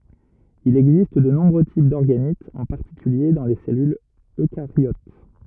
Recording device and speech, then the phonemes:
rigid in-ear microphone, read sentence
il ɛɡzist də nɔ̃bʁø tip dɔʁɡanitz ɑ̃ paʁtikylje dɑ̃ le sɛlylz økaʁjot

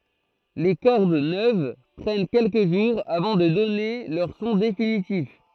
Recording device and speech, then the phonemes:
throat microphone, read sentence
le kɔʁd nøv pʁɛn kɛlkə ʒuʁz avɑ̃ də dɔne lœʁ sɔ̃ definitif

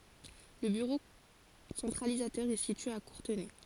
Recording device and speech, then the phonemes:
forehead accelerometer, read sentence
lə byʁo sɑ̃tʁalizatœʁ ɛ sitye a kuʁtənɛ

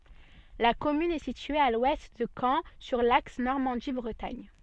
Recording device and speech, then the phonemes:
soft in-ear microphone, read sentence
la kɔmyn ɛ sitye a lwɛst də kɑ̃ syʁ laks nɔʁmɑ̃di bʁətaɲ

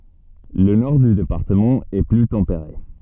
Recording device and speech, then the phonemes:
soft in-ear microphone, read sentence
lə nɔʁ dy depaʁtəmɑ̃ ɛ ply tɑ̃peʁe

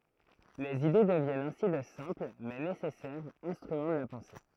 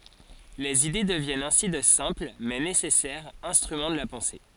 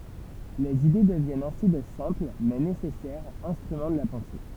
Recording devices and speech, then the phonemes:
throat microphone, forehead accelerometer, temple vibration pickup, read sentence
lez ide dəvjɛnt ɛ̃si də sɛ̃pl mɛ nesɛsɛʁz ɛ̃stʁymɑ̃ də la pɑ̃se

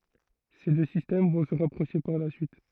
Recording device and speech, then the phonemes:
throat microphone, read sentence
se dø sistɛm vɔ̃ sə ʁapʁoʃe paʁ la syit

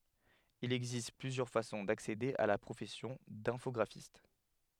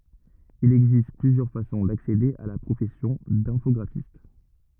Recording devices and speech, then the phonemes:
headset microphone, rigid in-ear microphone, read sentence
il ɛɡzist plyzjœʁ fasɔ̃ daksede a la pʁofɛsjɔ̃ dɛ̃fɔɡʁafist

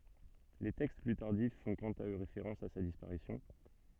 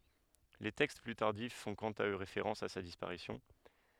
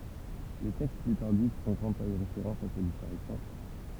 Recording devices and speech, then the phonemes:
soft in-ear microphone, headset microphone, temple vibration pickup, read sentence
le tɛkst ply taʁdif fɔ̃ kɑ̃t a ø ʁefeʁɑ̃s a sa dispaʁisjɔ̃

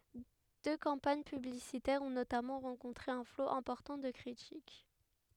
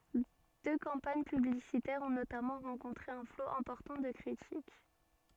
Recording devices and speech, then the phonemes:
headset microphone, soft in-ear microphone, read sentence
dø kɑ̃paɲ pyblisitɛʁz ɔ̃ notamɑ̃ ʁɑ̃kɔ̃tʁe œ̃ flo ɛ̃pɔʁtɑ̃ də kʁitik

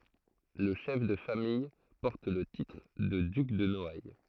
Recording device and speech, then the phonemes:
throat microphone, read sentence
lə ʃɛf də famij pɔʁt lə titʁ də dyk də nɔaj

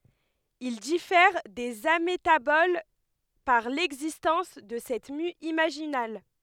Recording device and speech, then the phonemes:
headset microphone, read sentence
il difɛʁ dez ametabol paʁ lɛɡzistɑ̃s də sɛt my imaʒinal

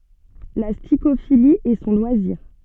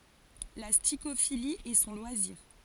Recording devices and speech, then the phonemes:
soft in-ear microphone, forehead accelerometer, read sentence
la stikofili ɛ sɔ̃ lwaziʁ

